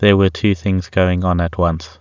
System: none